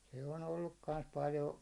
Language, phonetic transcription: Finnish, se on olluk kans 'paljo .
- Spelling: se on ollut kanssa paljon

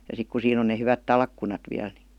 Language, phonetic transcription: Finnish, ja 'sik ku 'siin ‿on ne hyvät "talkkunat viäl ni .
- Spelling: ja sitten kun siinä on ne hyvät talkkunat vielä niin

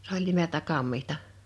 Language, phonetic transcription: Finnish, 's ‿oĺ nimeltä 'kammihta .
- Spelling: se oli nimeltä kammitsa

